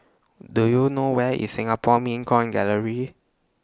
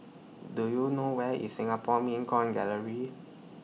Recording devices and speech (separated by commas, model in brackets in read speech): standing microphone (AKG C214), mobile phone (iPhone 6), read sentence